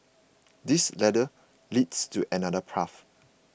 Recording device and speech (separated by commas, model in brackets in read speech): boundary microphone (BM630), read sentence